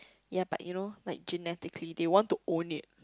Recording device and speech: close-talking microphone, conversation in the same room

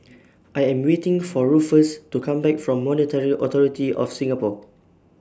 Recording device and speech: standing microphone (AKG C214), read sentence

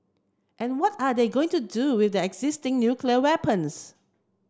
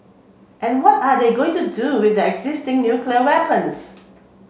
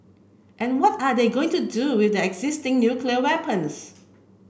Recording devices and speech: close-talking microphone (WH30), mobile phone (Samsung C7), boundary microphone (BM630), read sentence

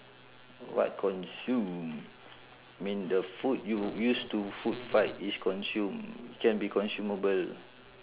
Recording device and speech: telephone, conversation in separate rooms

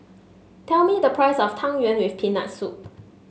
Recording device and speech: mobile phone (Samsung S8), read sentence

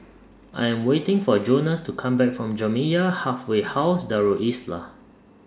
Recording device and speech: standing microphone (AKG C214), read sentence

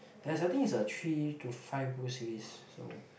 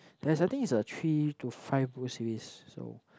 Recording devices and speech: boundary microphone, close-talking microphone, conversation in the same room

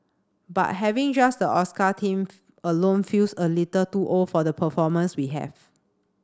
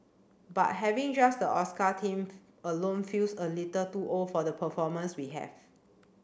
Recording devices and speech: standing microphone (AKG C214), boundary microphone (BM630), read sentence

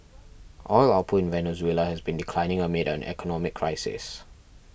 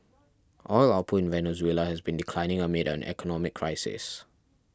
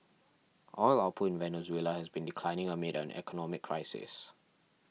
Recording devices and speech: boundary microphone (BM630), standing microphone (AKG C214), mobile phone (iPhone 6), read sentence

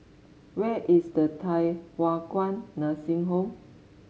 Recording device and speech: mobile phone (Samsung S8), read sentence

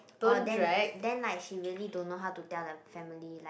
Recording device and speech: boundary microphone, conversation in the same room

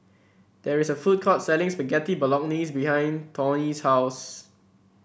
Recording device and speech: boundary microphone (BM630), read sentence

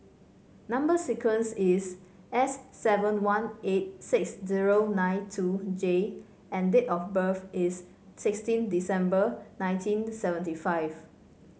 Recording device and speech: mobile phone (Samsung C5), read sentence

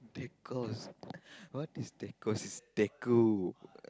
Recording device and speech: close-talking microphone, conversation in the same room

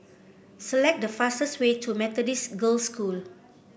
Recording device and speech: boundary microphone (BM630), read sentence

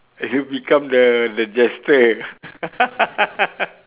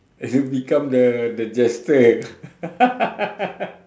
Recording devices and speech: telephone, standing microphone, conversation in separate rooms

